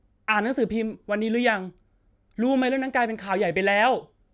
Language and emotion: Thai, angry